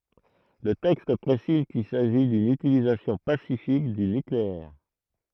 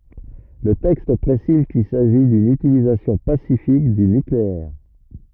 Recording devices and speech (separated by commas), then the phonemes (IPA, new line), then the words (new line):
throat microphone, rigid in-ear microphone, read sentence
lə tɛkst pʁesiz kil saʒi dyn ytilizasjɔ̃ pasifik dy nykleɛʁ
Le texte précise qu'il s'agit d'une utilisation pacifique du nucléaire.